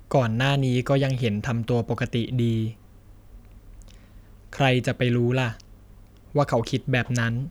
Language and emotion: Thai, sad